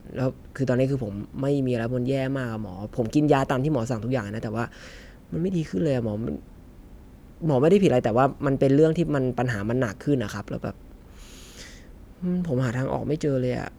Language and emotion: Thai, frustrated